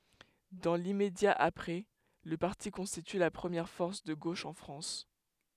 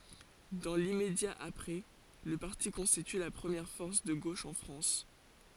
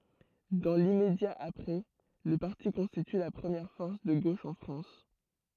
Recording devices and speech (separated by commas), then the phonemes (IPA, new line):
headset microphone, forehead accelerometer, throat microphone, read sentence
dɑ̃ limmedja apʁɛ lə paʁti kɔ̃stity la pʁəmjɛʁ fɔʁs də ɡoʃ ɑ̃ fʁɑ̃s